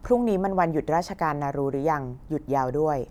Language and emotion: Thai, neutral